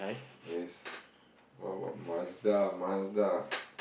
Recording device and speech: boundary microphone, conversation in the same room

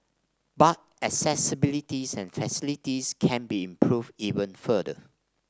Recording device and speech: standing microphone (AKG C214), read sentence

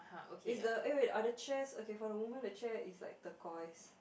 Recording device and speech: boundary microphone, conversation in the same room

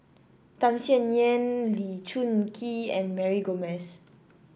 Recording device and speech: boundary microphone (BM630), read sentence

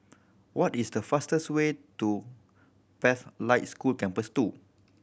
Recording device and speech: boundary microphone (BM630), read sentence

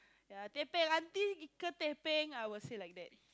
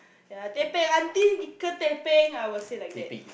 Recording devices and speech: close-talking microphone, boundary microphone, conversation in the same room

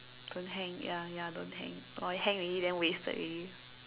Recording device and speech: telephone, conversation in separate rooms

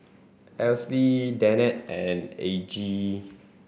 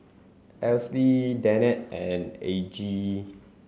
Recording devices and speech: boundary microphone (BM630), mobile phone (Samsung C7), read sentence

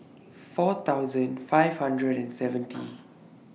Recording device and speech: mobile phone (iPhone 6), read sentence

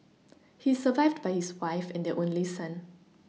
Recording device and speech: mobile phone (iPhone 6), read sentence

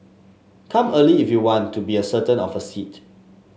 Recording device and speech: mobile phone (Samsung S8), read sentence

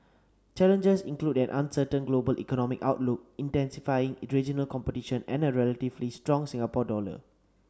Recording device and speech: standing microphone (AKG C214), read sentence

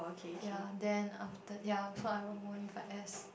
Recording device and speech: boundary microphone, conversation in the same room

